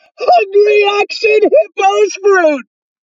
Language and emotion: English, happy